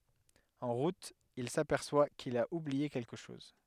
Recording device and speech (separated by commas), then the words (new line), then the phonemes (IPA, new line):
headset microphone, read sentence
En route, il s'aperçoit qu'il a oublié quelque chose.
ɑ̃ ʁut il sapɛʁswa kil a ublie kɛlkə ʃɔz